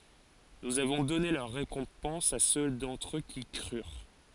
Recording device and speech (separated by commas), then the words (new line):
forehead accelerometer, read sentence
Nous avons donné leur récompense à ceux d’entre eux qui crurent.